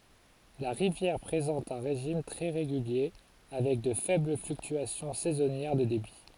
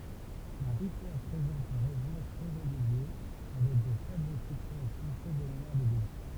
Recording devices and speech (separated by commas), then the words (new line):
forehead accelerometer, temple vibration pickup, read sentence
La rivière présente un régime très régulier, avec de faibles fluctuations saisonnières de débit.